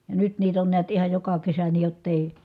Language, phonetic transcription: Finnish, ja nyt niit ‿on niät ihaj joka kesä nii jott ‿èi ,.
- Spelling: ja nyt niitä on näet ihan joka kesä niin jotta ei

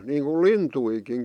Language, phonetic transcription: Finnish, niiŋku "lintuikin .
- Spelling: niin kuin lintujakin

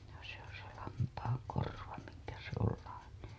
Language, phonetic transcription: Finnish, no se on se lampaaŋ korva miŋkä se ‿ol laine .
- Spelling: no se on se lampaan korva minkä se on lainen

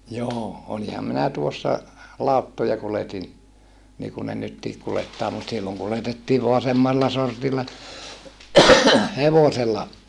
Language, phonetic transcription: Finnish, joo , oliham minä tuossa , làuttoja kuletin , niikun ne nyttiik kulettaa mut silloŋ kuletettiiv voa semmalla sortilla , hevosella , ot - ,.
- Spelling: joo olinhan minä tuossa lauttoja kuljetin niin kuin ne nytkin kuljettaa mutta silloin kuljetettiin vain semmalla sortilla hevosella -

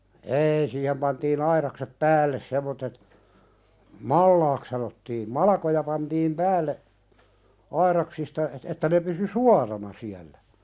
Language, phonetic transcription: Finnish, eei siihem pantii'n ‿aiðaksep "päälles semmottet , "mallaak sanottiim 'malakoja pantiim "päälle , "aiðaksista et- että ne pysy "suarana siällä .
- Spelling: ei siihen pantiin aidaksi päälle semmoiset malaksi sanottiin malkoja pantiin päälle aidaksista - että ne pysyi suorana siellä

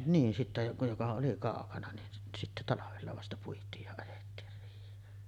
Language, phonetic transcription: Finnish, niin 'sitte joka 'joka oli "kàokana nin sit- sitte 'talavella vasta 'puit̀iij ja ajettiir riih̀een .
- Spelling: niin sitten joka joka oli kaukana niin - sitten talvella vasta puitiin ja ajettiin riiheen

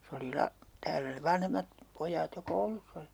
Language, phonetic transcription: Finnish, 'se oli 'la- , 'täälä sev̆ 'vanhemmat , 'poj̀aat jo "kouluss ‿oli .
- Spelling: se oli - täällä sen vanhemmat pojat jo koulussa oli

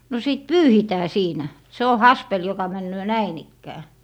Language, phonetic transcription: Finnish, no sìt "pyyhitää 'siinä , se o "haspel joka 'männöö "näin ‿ikkää .
- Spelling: no sitten pyyhitään siinä se on haspeli joka menee näin ikään

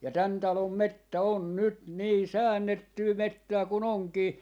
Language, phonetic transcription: Finnish, ja 'tän 'talom "mettä 'on "nyt "nii "säännettyy "mettää ku'n ‿oŋkii ,.
- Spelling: ja tämän talon metsä on nyt niin säännettyä metsää kun onkin

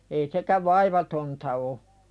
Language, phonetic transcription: Finnish, ei sekäv "vaivatonta o .
- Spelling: ei sekään vaivatonta ole

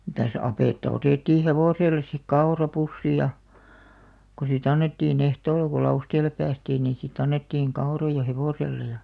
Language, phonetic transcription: Finnish, mitäs 'apètta 'otèttii "hevòselles sik "kaora'pussi ja , ko si't ‿annettii'n ‿ehtool̆la ko 'Lausteel̆le päästiin nì 'sit ‿annettiiŋ "kau̬§roja "hevòselle ja ,.
- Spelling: mitäs apetta otettiin hevoselle sitten kaurapussi ja kun sitten annettiin ehtoolla kun Lausteelle päästiin niin sitten annettiin kauroja hevoselle ja

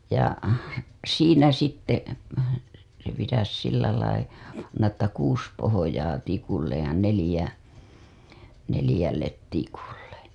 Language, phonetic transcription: Finnish, ja , 'siinä sitte , se pitäs sillälai , panna ‿ttä 'kuus pohojaa tikulle , ja 'nelĭjä , 'nelĭjället 'tikulle .
- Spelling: ja siinä sitten se pitäisi sillä lailla panna että kuusi pohjaa tikulle ja neljä neljälle tikulle

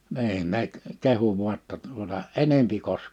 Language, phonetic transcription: Finnish, 'ni̬in nek , 'kehu vu̬a ‿tta tuota » "enempi 'kos- « .
- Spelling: niin ne kehui vain jotta tuota enempi -

